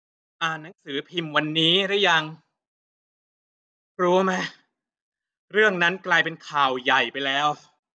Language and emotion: Thai, frustrated